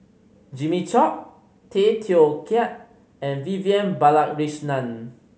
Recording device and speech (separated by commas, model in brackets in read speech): mobile phone (Samsung C5010), read sentence